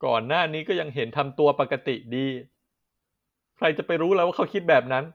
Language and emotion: Thai, sad